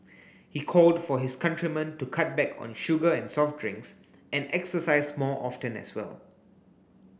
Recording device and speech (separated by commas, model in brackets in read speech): boundary microphone (BM630), read sentence